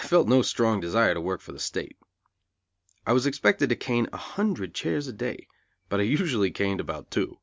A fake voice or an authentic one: authentic